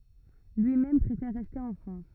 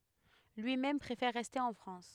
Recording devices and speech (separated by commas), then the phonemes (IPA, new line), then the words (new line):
rigid in-ear microphone, headset microphone, read sentence
lyimɛm pʁefɛʁ ʁɛste ɑ̃ fʁɑ̃s
Lui-même préfère rester en France.